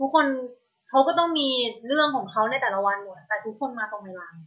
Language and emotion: Thai, frustrated